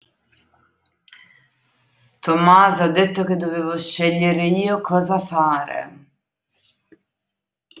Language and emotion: Italian, disgusted